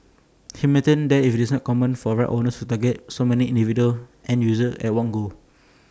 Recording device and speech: standing microphone (AKG C214), read sentence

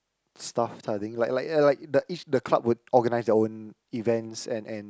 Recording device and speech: close-talking microphone, conversation in the same room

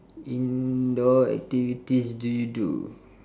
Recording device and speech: standing microphone, conversation in separate rooms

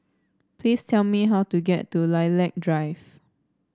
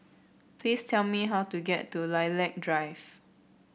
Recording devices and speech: standing microphone (AKG C214), boundary microphone (BM630), read sentence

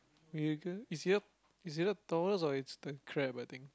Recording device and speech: close-talking microphone, conversation in the same room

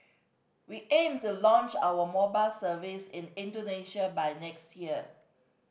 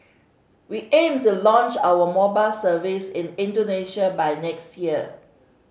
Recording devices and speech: boundary microphone (BM630), mobile phone (Samsung C5010), read sentence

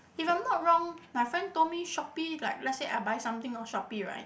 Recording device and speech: boundary microphone, conversation in the same room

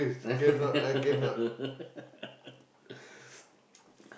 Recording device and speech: boundary microphone, conversation in the same room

